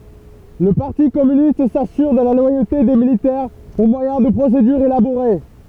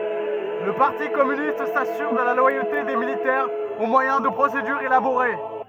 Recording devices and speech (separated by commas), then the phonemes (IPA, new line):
temple vibration pickup, rigid in-ear microphone, read sentence
lə paʁti kɔmynist sasyʁ də la lwajote de militɛʁz o mwajɛ̃ də pʁosedyʁz elaboʁe